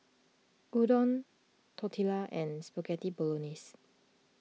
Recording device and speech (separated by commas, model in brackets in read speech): mobile phone (iPhone 6), read sentence